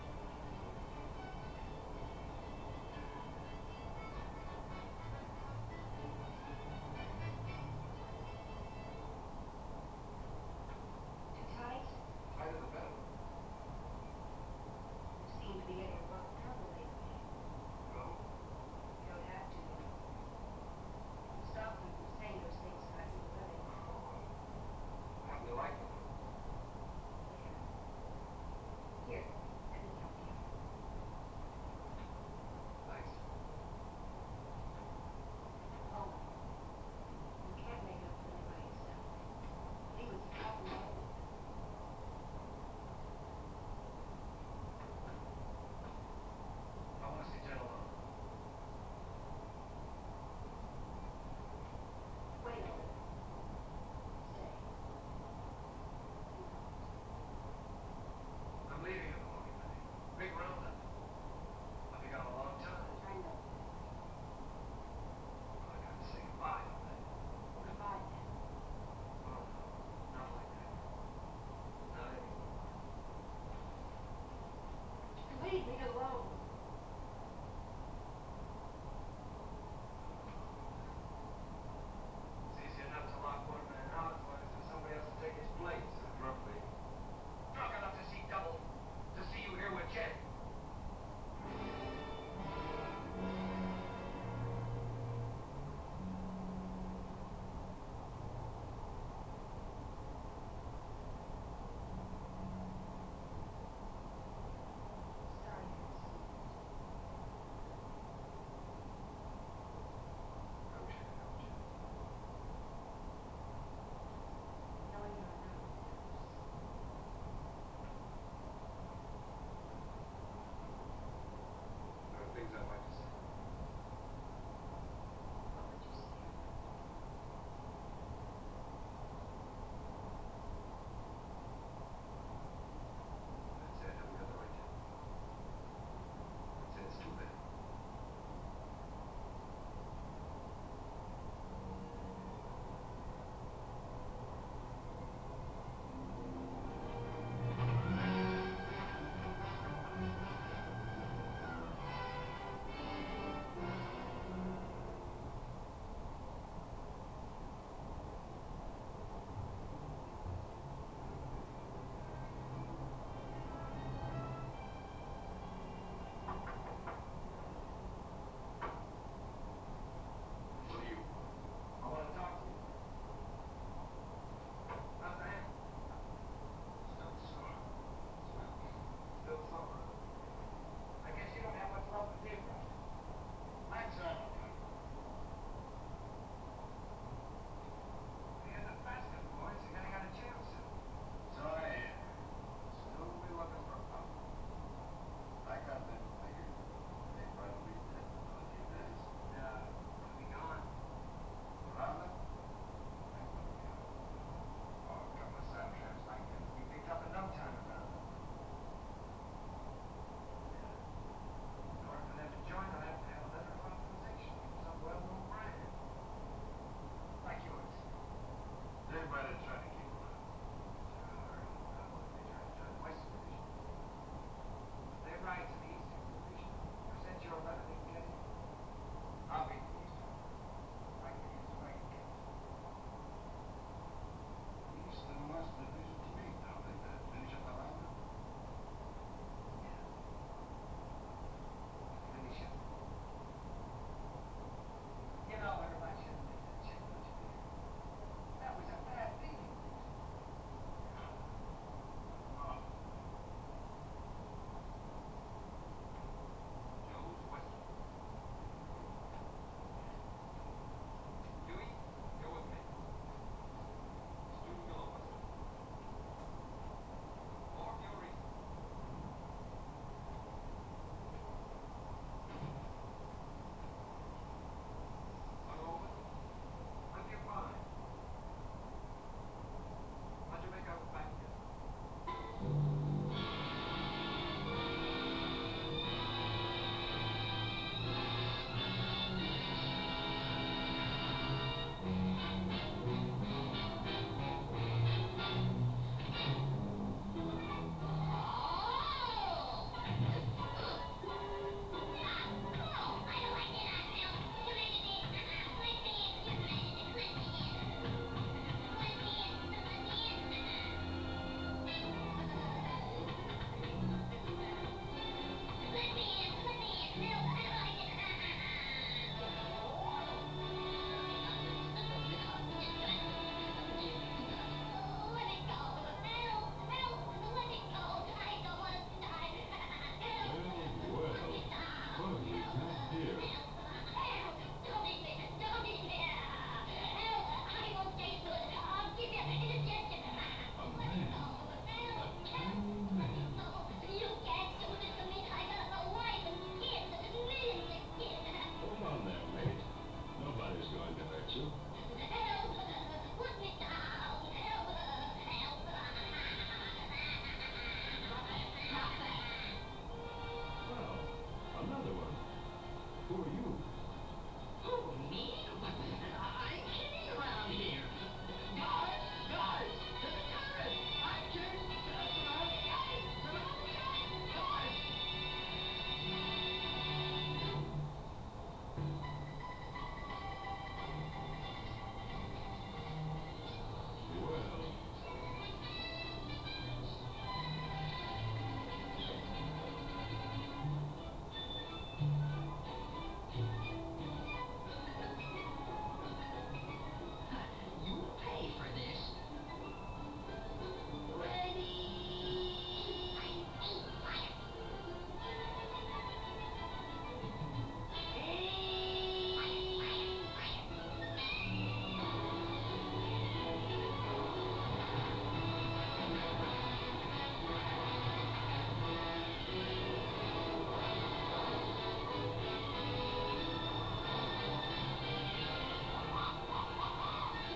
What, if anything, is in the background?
A television.